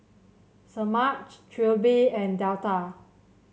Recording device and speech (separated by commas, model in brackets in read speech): mobile phone (Samsung C7), read sentence